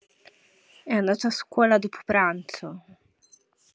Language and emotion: Italian, sad